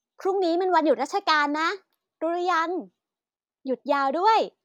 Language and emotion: Thai, happy